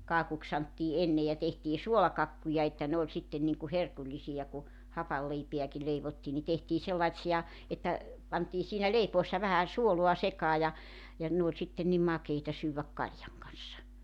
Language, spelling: Finnish, kakuksi sanottiin ennen ja tehtiin suolakakkuja että ne oli sitten niin kuin herkullisia kun hapanleipääkin leivottiin niin tehtiin sellaisia että pantiin siinä leipoessa vähän suolaa sekaan ja ja ne oli sitten niin makeita syödä kaljan kanssa
- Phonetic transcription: 'kaakuks santtii "ennej ja 'tehtii "suolakakkuja että 'ne oĺ sitten niŋku "herkuĺlisiʲa ku , 'hapalleipḙäki 'leivottii ni 'tehtii 'sellaⁱtsi₍a että , pantii siinä 'leipoessa vähä , 'suolua 'sekaa ja , ja 'ne ‿oĺ sitten̆ ni "makeita syywäk 'kaljaŋ kan̬ssa .

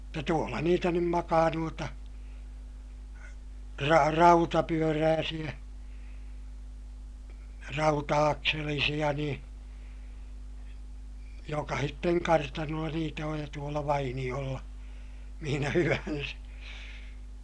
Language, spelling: Finnish, mutta tuolla niitä nyt makaa noita - rautapyöräisiä rauta-akselisia niin jokaisen kartanolla niitä on ja tuolla vainiolla missä hyvänsä
- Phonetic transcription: mutta tuolla niitä nym makaa nuota , ra - rautapyörääsiʲä , rauta₍akselisiʲa niḭ , jokahitteŋ kartanolla niitä oj ja tuola vainiʲolla , mihinä hyvänsÄ .

